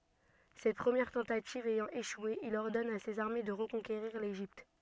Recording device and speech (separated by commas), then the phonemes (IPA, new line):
soft in-ear microphone, read sentence
sɛt pʁəmjɛʁ tɑ̃tativ ɛjɑ̃ eʃwe il ɔʁdɔn a sez aʁme də ʁəkɔ̃keʁiʁ leʒipt